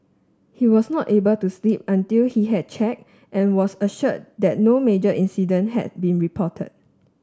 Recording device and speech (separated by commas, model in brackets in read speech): standing microphone (AKG C214), read sentence